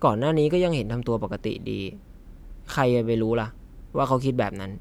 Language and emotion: Thai, frustrated